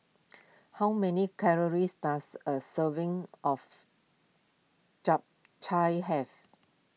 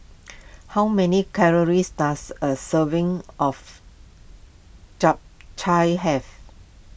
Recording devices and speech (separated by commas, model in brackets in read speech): mobile phone (iPhone 6), boundary microphone (BM630), read sentence